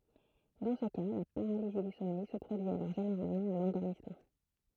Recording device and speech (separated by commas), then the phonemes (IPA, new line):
throat microphone, read sentence
dɑ̃ sə ka la paʁalizi dy sɔmɛj sə pʁodyi alɔʁ ʒeneʁalmɑ̃ a lɑ̃dɔʁmismɑ̃